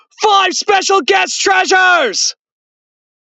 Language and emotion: English, sad